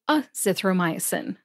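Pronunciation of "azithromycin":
'Azithromycin' is said with a short A sound, not a long A sound.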